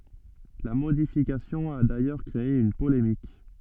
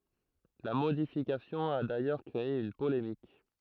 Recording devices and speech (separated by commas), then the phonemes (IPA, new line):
soft in-ear microphone, throat microphone, read sentence
la modifikasjɔ̃ a dajœʁ kʁee yn polemik